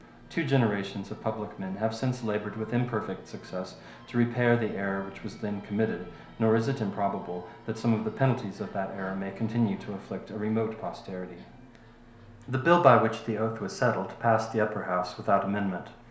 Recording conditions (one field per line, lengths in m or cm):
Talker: one person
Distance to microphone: 1.0 m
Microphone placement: close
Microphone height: 1.1 m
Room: small (3.7 m by 2.7 m)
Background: television